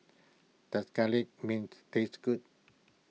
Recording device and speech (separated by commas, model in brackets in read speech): mobile phone (iPhone 6), read sentence